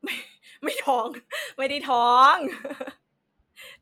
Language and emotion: Thai, happy